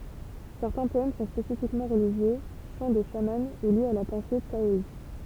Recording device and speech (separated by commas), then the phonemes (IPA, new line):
temple vibration pickup, read sentence
sɛʁtɛ̃ pɔɛm sɔ̃ spesifikmɑ̃ ʁəliʒjø ʃɑ̃ də ʃamɑ̃ u ljez a la pɑ̃se taɔist